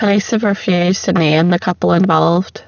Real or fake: fake